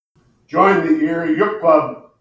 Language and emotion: English, sad